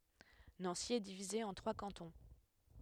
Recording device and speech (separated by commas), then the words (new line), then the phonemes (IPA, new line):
headset microphone, read sentence
Nancy est divisée en trois cantons.
nɑ̃si ɛ divize ɑ̃ tʁwa kɑ̃tɔ̃